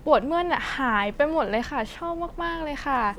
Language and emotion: Thai, happy